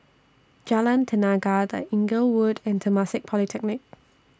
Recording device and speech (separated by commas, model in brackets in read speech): standing microphone (AKG C214), read sentence